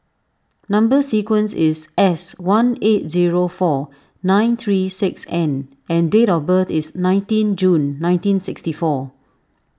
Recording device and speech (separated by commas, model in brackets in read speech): standing microphone (AKG C214), read sentence